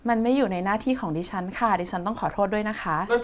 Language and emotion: Thai, neutral